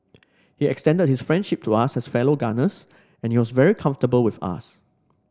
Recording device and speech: standing microphone (AKG C214), read sentence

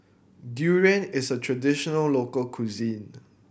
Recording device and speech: boundary microphone (BM630), read sentence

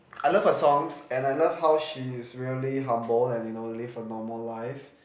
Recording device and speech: boundary microphone, conversation in the same room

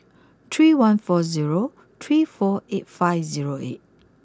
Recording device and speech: close-talking microphone (WH20), read sentence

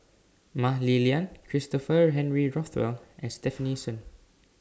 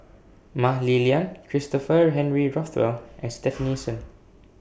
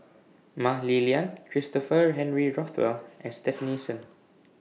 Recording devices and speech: standing microphone (AKG C214), boundary microphone (BM630), mobile phone (iPhone 6), read sentence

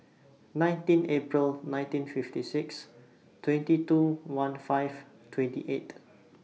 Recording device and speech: mobile phone (iPhone 6), read sentence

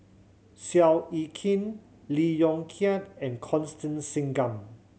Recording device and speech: mobile phone (Samsung C7100), read sentence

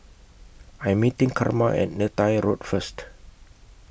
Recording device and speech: boundary microphone (BM630), read sentence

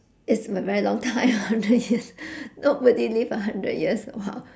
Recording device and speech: standing microphone, conversation in separate rooms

